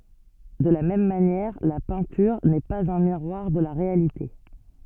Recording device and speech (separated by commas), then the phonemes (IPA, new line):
soft in-ear microphone, read sentence
də la mɛm manjɛʁ la pɛ̃tyʁ nɛ paz œ̃ miʁwaʁ də la ʁealite